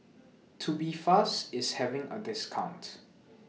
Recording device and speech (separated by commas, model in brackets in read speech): mobile phone (iPhone 6), read sentence